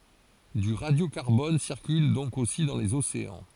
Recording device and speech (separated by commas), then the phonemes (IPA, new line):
forehead accelerometer, read sentence
dy ʁadjokaʁbɔn siʁkyl dɔ̃k osi dɑ̃ lez oseɑ̃